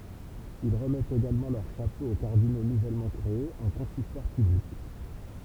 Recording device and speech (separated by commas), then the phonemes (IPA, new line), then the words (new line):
temple vibration pickup, read sentence
il ʁəmɛtt eɡalmɑ̃ lœʁ ʃapo o kaʁdino nuvɛlmɑ̃ kʁeez ɑ̃ kɔ̃sistwaʁ pyblik
Ils remettent également leur chapeau aux cardinaux nouvellement créés en consistoire public.